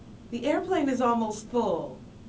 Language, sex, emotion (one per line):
English
female
neutral